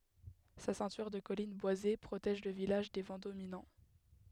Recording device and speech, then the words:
headset microphone, read sentence
Sa ceinture de collines boisées protège le village des vents dominants.

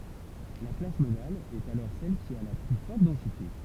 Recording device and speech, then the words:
temple vibration pickup, read sentence
La classe modale est alors celle qui a la plus forte densité.

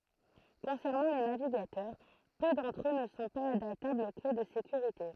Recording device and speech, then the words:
throat microphone, read sentence
Concernant les navigateurs, peu d'entre eux ne sont pas adaptables aux clés de sécurité.

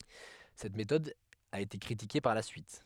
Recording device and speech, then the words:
headset microphone, read sentence
Cette méthode a été critiquée par la suite.

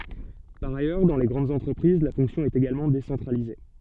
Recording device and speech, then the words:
soft in-ear microphone, read sentence
Par ailleurs, dans les grandes entreprises, la fonction est également décentralisée.

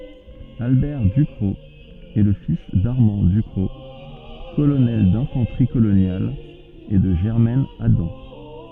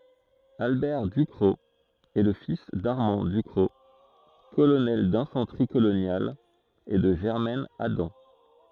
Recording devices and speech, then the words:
soft in-ear microphone, throat microphone, read sentence
Albert Ducrocq est le fils d'Armand Ducrocq, colonel d'infanterie coloniale et de Germaine Adam.

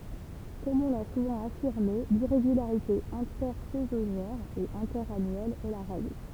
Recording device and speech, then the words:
temple vibration pickup, read sentence
Comme on l'a souvent affirmé, l'irrégularité intersaisonnière et interannuelle est la règle.

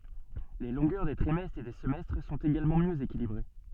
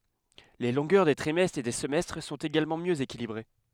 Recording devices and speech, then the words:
soft in-ear microphone, headset microphone, read sentence
Les longueurs des trimestres et des semestres sont également mieux équilibrées.

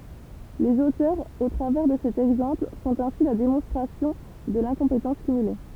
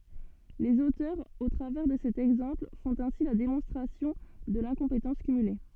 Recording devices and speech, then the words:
temple vibration pickup, soft in-ear microphone, read sentence
Les auteurs, au travers de cet exemple, font ainsi la démonstration de l'incompétence cumulée.

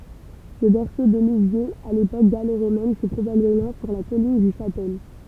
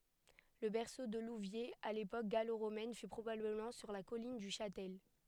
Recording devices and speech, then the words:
temple vibration pickup, headset microphone, read sentence
Le berceau de Louviers à l'époque gallo-romaine fut probablement sur la colline du Châtel.

